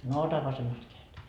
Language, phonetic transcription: Finnish, » no 'ota 'vasemast keäjest . »
- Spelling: no otan vasemmasta kädestä

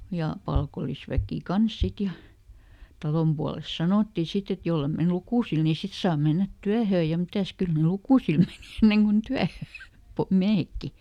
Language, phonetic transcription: Finnish, ˈja , ˈpalkol̆lisväkì "kans ˈsit ja , ˈtalom pualesᵗ ˈsanòtti ˈsit ‿et "jolle men ˈlukùsil ni sit saa ˈmennät ˈtyähöö ja ˈmitäs ˈkyl ny "lukùsil menì ˈenneŋ kun ˈtyähöö , "miähekki .
- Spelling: ja palkollisväki kanssa sitten ja talon puolesta sanottiin sitten että jos ei mene lukusille niin sitten saa mennä työhön ja mitäs kyllä nyt lukusille meni ennen kun työhön miehetkin

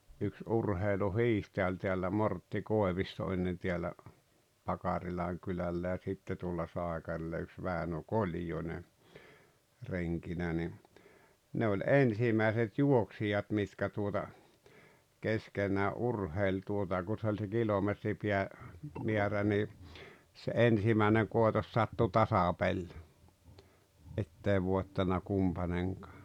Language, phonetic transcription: Finnish, yks "urheilu"hiihtäʲä oĺ teällä 'Mortti "Kòevisto ennen tiäl̆lä , 'Pakarilaŋ kylällä ja 'sitte tuolla 'sáekarilla yks 'Vä̀enö "Koĺjone , 'reŋkinä ni , ne oĺ "ensimä̀eset "juoksijat mitkä tuota , 'keskenää’ "’urheil tuota ku 'se ‿oĺ se 'kilometripiä , -miärä ni , se "ensimä̀eneŋ 'kòetos 'sattu "tasapeĺ , 'ettei 'vòettana 'kumpaneŋkᴀᴀ .
- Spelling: yksi urheiluhiihtäjä oli täällä Mortti Koivisto ennen täällä Pakarilan kylällä ja sitten tuolla Saikarilla yksi Väinö Koljonen renkinä niin ne oli ensimmäiset juoksijat mitkä tuota keskenään urheili tuota kun se oli se - kilometripäämäärä niin se ensimmäinen koitos sattui tasapeli että ei voittanut kumpainenkaan

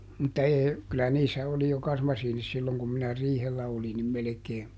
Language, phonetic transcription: Finnish, mutta ˈee , kylä niissä ˈoli jo ˈkasmasiinis ˈsilloŋ kum ˈminä "riihellä oli nim ˈmelekee ,.
- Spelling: mutta ei kyllä niissä oli jo kasmasiinit silloin kun minä riihellä olin niin melkein

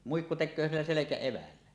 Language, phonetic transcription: Finnish, muikku tek̆köö 'sillä 'selekä₍evällä .
- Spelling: muikku tekee sillä selkäevällä

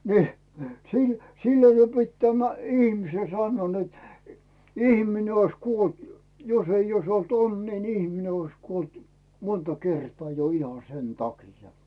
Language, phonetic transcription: Finnish, ni , sil- , 'sillee se pit tämä , ihmisen 'sannᵘoo net , 'ihmine ois "kuolt jo- , 'josei ois olt "onnii ni ihmine ois 'kuolt , "monta 'kertaa jo iha "sen 'taki̳ja̳ .
- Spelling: niin - sillä lailla se piti tämä ihmisen sanoa että ihminen olisi kuollut - jos ei olisi ollut onnea niin ihminen olisi kuollut monta kertaa jo ihan sen takia

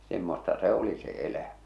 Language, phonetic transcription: Finnish, 'semmosta "se o̭li se 'elä̀ᴍᴀ̈ .
- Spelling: semmoista se oli se elämä

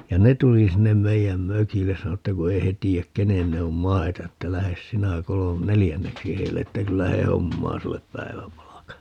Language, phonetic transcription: Finnish, ja "ne tuli 'sinnem 'meijäm "mökilles - sano että ku 'ei he 'tii₍äk "kenen ne om "mai̮ta että » 'lähes "sinä 'kolo- , "nelijänneksi heille » että » 'kyllä 'he "hommaa 'sullep "päi̮väpalaka » .
- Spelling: ja ne tuli sinne meidän mökille sanoi että kun ei he tiedä kenen ne on maita että lähde sinä - neljänneksi heille että kyllä he hommaa sinulle päiväpalkan

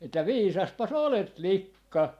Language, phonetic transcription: Finnish, että "viisaspas 'olet "likka .
- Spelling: että viisaspas olet likka

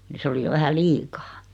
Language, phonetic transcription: Finnish, ni 'se oli jo 'vähä "liikaa .
- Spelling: niin se oli jo vähän liikaa

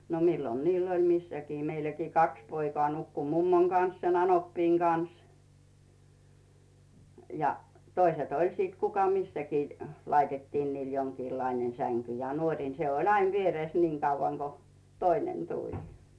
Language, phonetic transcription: Finnish, no "millon niill ‿oĺ 'missäkii 'meiläkii 'kaks poikᵒà nukku "mummoŋ Can̬s , sen ‿'anoppiiŋ Can̬s , ja , 'toiset oĺ sit 'kuka "missäkii , 'laitettiin niil 'joŋkiillainen 'säŋky ja "nuoŕìn se oĺ ain 'vierès 'niiŋ kauvaŋ Go , "toinen 'tuĺ .
- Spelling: no milloin niillä oli missäkin meilläkin kaksi poikaa nukkui mummon kanssa sen anoppini kanssa ja toiset oli sitten kuka missäkin laitettiin niille jonkinlainen sänky ja nuorin se oli aina vieressä niin kauan kuin toinen tuli

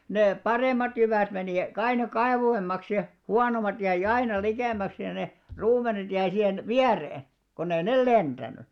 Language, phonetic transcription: Finnish, nè , "parèm̆mat 'jyvä̀t meni "kaino 'kaḙvoim̆maks ja , "huanom̆mat jäi "aina 'likèm̆mäks ja ne , 'ruumenet jäi 'sihen , "viäree , 'konnei "nel 'lenᴅäny .
- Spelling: ne paremmat jyvät meni aina kauemmaksi ja huonommat jäi aina likemmäksi ja ne ruumenet jäi siihen viereen kun ei ne lentänyt

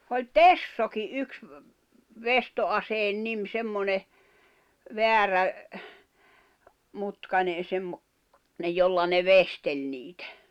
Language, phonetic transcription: Finnish, oĺ "tessoki '’yks , "vesto₍aseen 'nim 'semmone , 'veärä , 'mutkanen̬ semmo- , -nej 'jolla ne "vestel niitᴀ̈ .
- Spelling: oli tessokin yksi veistoaseen nimi semmoinen väärä mutkainen - semmoinen jolla ne veisteli niitä

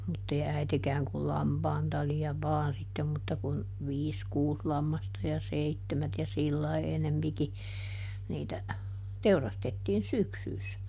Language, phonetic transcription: Finnish, muttei ˈäitekääŋ kul "lampaan tali₍a ˈvaan sittem mutta kun , ˈviis ˈkuus ˈlammasta ja ˈseittemät ja ˈsillai enempiki , niitä , "teurastettiin "syksyys .
- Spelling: mutta ei äitikään kuin lampaan talia vain sitten mutta kun viisi kuusi lammasta ja seitsemät ja sillä lailla enempikin niitä teurastettiin syksyssä

